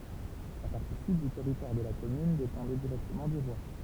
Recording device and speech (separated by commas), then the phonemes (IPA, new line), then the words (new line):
temple vibration pickup, read sentence
la paʁti syd dy tɛʁitwaʁ də la kɔmyn depɑ̃dɛ diʁɛktəmɑ̃ dy ʁwa
La partie sud du territoire de la commune dépendait directement du roi.